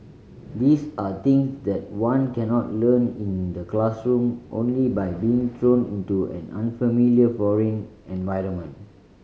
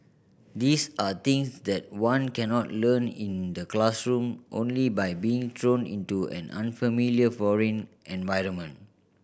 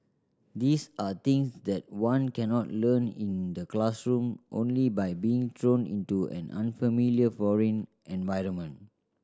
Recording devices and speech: mobile phone (Samsung C5010), boundary microphone (BM630), standing microphone (AKG C214), read sentence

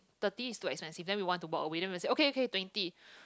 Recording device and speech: close-talking microphone, conversation in the same room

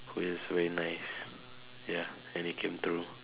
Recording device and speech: telephone, conversation in separate rooms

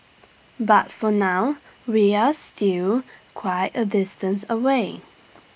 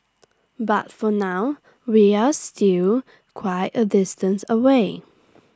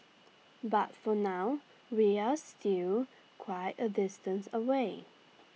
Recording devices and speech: boundary microphone (BM630), standing microphone (AKG C214), mobile phone (iPhone 6), read sentence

